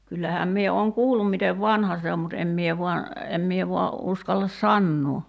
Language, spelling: Finnish, kyllähän minä olen kuullut miten vanha se on mutta en minä vain en minä vain uskalla sanoa
- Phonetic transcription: 'kyllähääm 'mie ooŋ 'kuullum mitev "vanha se om mut 'em mie vua , 'em mie vua , 'uskallas "sannuu .

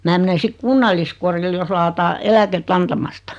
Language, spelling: Finnish, minä menen sitten kunnalliskodille jos lakataan eläkettä antamasta
- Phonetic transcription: 'mää mene 'sik "kunnalliskoril jos laataa , 'elä-ket"t ‿antamasta .

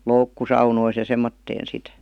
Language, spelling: Finnish, - loukkusaunoissa ja semmoiseen sitten
- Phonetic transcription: loukku- 'saunois ja 'semmotteen̬ sit .

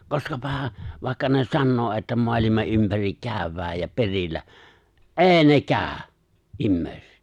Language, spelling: Finnish, koskapahan vaikka ne sanoo että maailman ympäri käydään ja perillä ei - nekään ihmiset
- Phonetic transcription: 'koskapaha , 'vài̬kka ne 'sannoo että 'moalima '’ympärik 'kä̀y̬̬v̆v̀ääj ja 'peŕillä , "’e̬e̬ⁱ 'ne "kääᵒ̈ , '’immèi̬set !

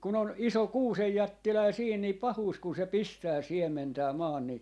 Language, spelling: Finnish, kun on iso kuusenjättiläinen siinä niin pahuus kun se pistää siementää maan niin
- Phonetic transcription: kun ‿on , "iso "kuusejjättiläi 'siin ni , 'pahuus kun se "pistää 'siem̆mentää 'maan ni .

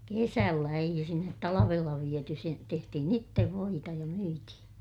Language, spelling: Finnish, kesällä eihän sinne talvella viety se tehtiin itse voita ja myytiin
- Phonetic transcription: kesällä - eihä sinnet talavella viety se , tehtihin ittev voita ja myitihiḭ .

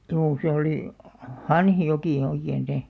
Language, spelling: Finnish, juu se oli Hanhijoki oikein se
- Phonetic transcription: 'juu se 'oli , "Hanhijoki 'oikeen̬ se ,.

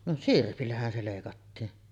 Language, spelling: Finnish, no sirpillähän se leikattiin
- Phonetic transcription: no "sirpillähän se 'lèikattiin .

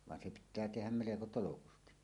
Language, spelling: Finnish, vaan se pitää tehdä melko tolkusti
- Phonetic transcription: van 'se pit̆tää "tehäm 'meleko "tolokusti .

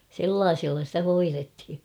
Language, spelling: Finnish, sellaisilla sitä hoidettiin
- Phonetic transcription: sellaaᴉsilla stä 'hoirethi .

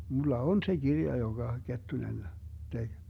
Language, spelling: Finnish, minulla on se kirja jonka Kettunen teki
- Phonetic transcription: mulla "on se 'Girja joŋGa , 'Kettunen , 'tek .

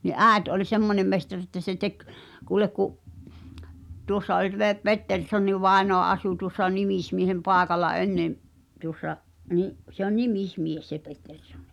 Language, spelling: Finnish, niin äiti oli semmoinen mestari että se teki kuule kun tuossa oli - Petterssonin vainaja asui tuossa nimismiehen paikalla ennen tuossa niin se on nimismies se Pettersson
- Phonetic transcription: ni "’ääᵉt ’oĺ "semmońem mestar että se tek , kuulek ku’ , 'tuossa oĺ vè- , "Petterssonniv̳ 'vàenoa asu tuŏssa "nimismiehem 'paaᵉkala 'ennem , tuŏssa , ni’ , se ‿on "nimis'mies se 'Petterssonnɪ .

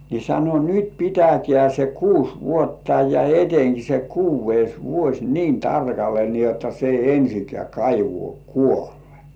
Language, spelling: Finnish, niin sanoi nyt pitäkää se kuusi vuotta ja etenkin se kuudes vuosi niin tarkalle niin jotta se ei ensinkään kaivoon kuole
- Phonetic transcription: ni sano » "nyt 'pitäkĕä§ se "kuus "vuotta ja eteŋki se "kuuvveis 'vuos "niin 'tarkalle ni ‿otta se ei 'ensikĕä̀§ 'kaivŭ§ò "kuolᴇ « .

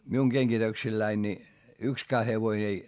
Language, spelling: Finnish, minun kengityksilläni niin yksikään hevonen ei ei ramminut
- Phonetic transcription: miuŋ GeŋGitöksilläin ni , ykskää hevoⁱn ‿ei , ei ramminD .

